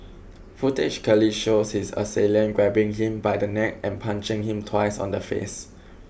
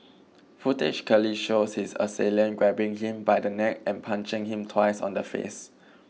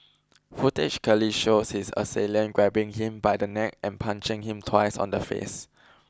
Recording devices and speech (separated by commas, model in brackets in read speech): boundary microphone (BM630), mobile phone (iPhone 6), close-talking microphone (WH20), read sentence